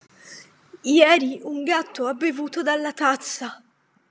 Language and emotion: Italian, fearful